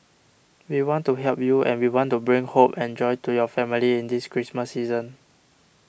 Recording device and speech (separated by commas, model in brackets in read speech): boundary microphone (BM630), read sentence